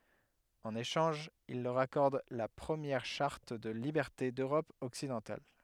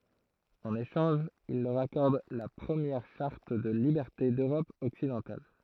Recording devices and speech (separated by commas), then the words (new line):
headset microphone, throat microphone, read sentence
En échange, il leur accorde la première charte de liberté d'Europe occidentale.